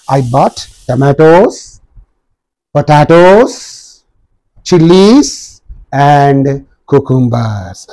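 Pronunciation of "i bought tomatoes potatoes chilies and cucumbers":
The voice falls on 'cucumbers', the last item in the list.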